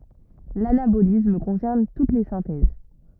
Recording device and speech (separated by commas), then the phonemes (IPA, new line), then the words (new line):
rigid in-ear microphone, read sentence
lanabolism kɔ̃sɛʁn tut le sɛ̃tɛz
L'anabolisme concerne toutes les synthèses.